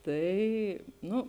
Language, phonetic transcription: Lithuanian, ˈtai ˈnu

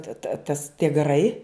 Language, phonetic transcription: Lithuanian, ta ta tas tie gaˈrai

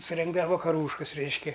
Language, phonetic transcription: Lithuanian, suˈrengdava vakaˈrūškas ˈreiškia

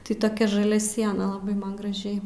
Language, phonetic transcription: Lithuanian, tai toˈkia žaˈlia ˈsiena laˈbai ˈman graˈžiai

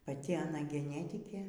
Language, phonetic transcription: Lithuanian, paˈti aˈna geˈnetikė

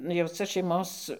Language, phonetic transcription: Lithuanian, jau ca šeiˈmos

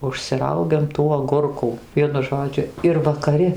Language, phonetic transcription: Lithuanian, užsiˈraugiam tų agurˈkų ˈvienu ˈžodžiu ir vakaˈri

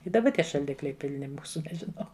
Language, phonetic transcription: Lithuanian, i daˈba ˈtie šalˈdikliai pilˈni ˈmūsu nežiˈnau

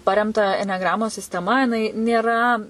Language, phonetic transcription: Lithuanian, ˈparemta eneˈgramos sisteˈma jiˈnai nėˈra

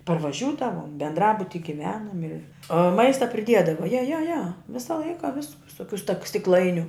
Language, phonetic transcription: Lithuanian, parvaˈžiūdavom bendˈrabuti giˈvenom i o ˈmaista priˈdiedava ja ja ja ˈvisa ˈlaika vis vis viˈsokiu stak stikˈlainiu

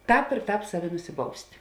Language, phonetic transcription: Lithuanian, ˈtāp ir ˈtāp ˈsaˌvi nusiˈbaust'

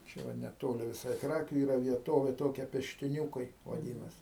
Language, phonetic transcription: Lithuanian, ˈčia va neˈtoli viˈsai ˈkrakiu ˈyra vieˈtovė ˈtokia peštiˈniūkai vaˈdinas

